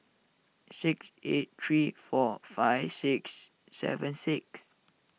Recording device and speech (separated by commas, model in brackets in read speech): mobile phone (iPhone 6), read sentence